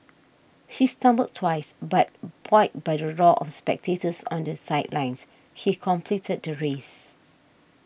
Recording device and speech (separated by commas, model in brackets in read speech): boundary microphone (BM630), read sentence